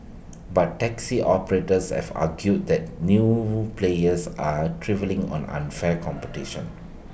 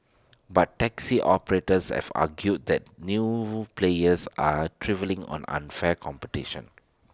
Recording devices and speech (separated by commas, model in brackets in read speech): boundary microphone (BM630), standing microphone (AKG C214), read sentence